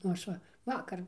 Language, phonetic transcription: Lithuanian, nu ˈaš va ˈvakar

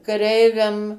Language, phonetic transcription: Lithuanian, kaˈreiviam

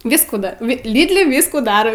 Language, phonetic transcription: Lithuanian, ˈvyskų ˈda va ˈlydli ˈviskų ˈdariau

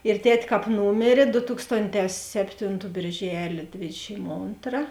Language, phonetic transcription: Lithuanian, ir ˈtet' ˈkāp ˈnūmėrė do ˈtukstonˌtē ˈseptinˌtų bėrˈželė ˈdvėdešim ˈontra

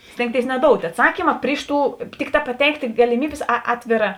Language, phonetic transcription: Lithuanian, ˈstėngtėis neˈdout' atˈsakyma ˈpriš ˌtų ˈtikˌtā paˈteiktė galiˈmybės ˈatvėˌrā

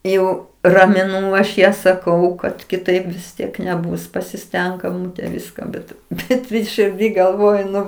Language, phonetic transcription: Lithuanian, ˈjau ramiˈnū aš ˈją saˈkau kad kiˈtaip vis ˈtiek neˈbus pasiˈstenk eˈmūte ˈviska bet ˈbet širˈdy galˈvojuˈnu

